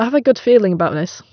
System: none